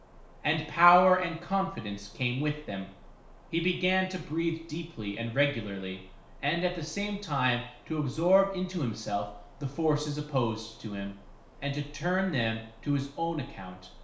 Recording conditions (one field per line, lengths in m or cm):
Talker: one person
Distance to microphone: 1.0 m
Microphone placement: close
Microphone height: 1.1 m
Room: small (3.7 m by 2.7 m)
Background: none